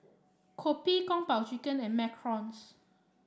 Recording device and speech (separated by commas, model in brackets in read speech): standing microphone (AKG C214), read sentence